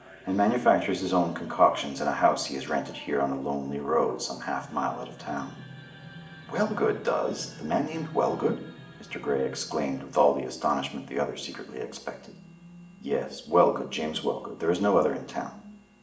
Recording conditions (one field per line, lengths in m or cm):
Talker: one person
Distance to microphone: 1.8 m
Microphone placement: close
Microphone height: 1.0 m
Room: large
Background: television